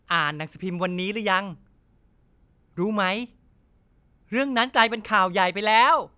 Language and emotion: Thai, happy